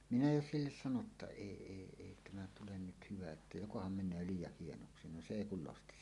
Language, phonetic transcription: Finnish, 'minä 'jo "silles 'sano ‿tta » "èi 'èi èi tämä tulen nyt hyvä että "jokoham 'men̆nöö "liij̆jah 'hienoksi « no 'se "èi kul losti .
- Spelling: minä jo sille sanoin jotta ei ei ei tämä tule nyt hyvä että jokohan menee liian hienoksi no se ei kun losti

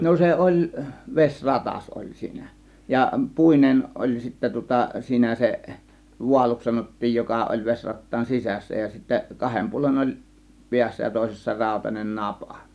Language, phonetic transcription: Finnish, no 'se "ˀoĺ , 'veś "ratas ˀoĺ 'siinä , ja 'pùinen 'ˀoĺ sittä tŭŏta 'siinä 'se , 'vualuks 'sanot̀tiij 'joka ˀoĺ 'veśrattaan "sisässä ja sittä , 'kahem 'puolen oĺ , "piässä ja 'tòėsessa 'ràȯtanen "napA .
- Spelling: no se oli vesi ratas oli siinä ja puinen oli sitten tuota siinä se vaaluksi sanottiin joka oli vesirattaan sisässä ja sitten kahden puolen oli päässä ja toisessa rautainen napa

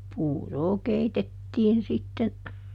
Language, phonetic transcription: Finnish, ˈpuuroo ˈkeitettiin sitten ,.
- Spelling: puuroa keitettiin sitten

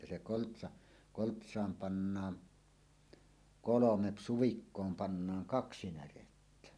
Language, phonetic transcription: Finnish, ja se 'koltsa , 'kolts̀aam pannaan , "kolomep 'suvikkoom 'pannaaŋ "kaksi 'närettä .
- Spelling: ja se koltsa koltsaan pannaan kolme suvikkoon pannaan kaksi närettä

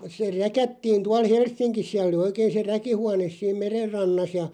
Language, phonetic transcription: Finnish, se "räkättiin 'tual "Helssiŋkis siä(l) ‿oli 'oikeeⁱn̬ se 'räkihuanes siim "merer 'rannas ja ,.
- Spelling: se räkättiin tuolla Helsingissä siellä oli oikein se räkihuone siinä meren rannassa ja

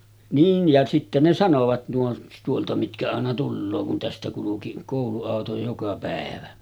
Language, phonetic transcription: Finnish, 'niin̳§ ja sitte ne 'sanovat 'nuo , tuolta mitkä àena 'tulloo kun tästä kuluki , 'kòulu₍àoto joka pä̀evä .
- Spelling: niin ja sitten ne sanoivat nuo tuolta mitkä aina tulee kun tästä kulki kouluauto joka päivä

